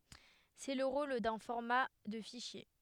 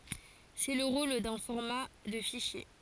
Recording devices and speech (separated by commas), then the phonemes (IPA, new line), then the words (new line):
headset microphone, forehead accelerometer, read sentence
sɛ lə ʁol dœ̃ fɔʁma də fiʃje
C'est le rôle d'un format de fichier.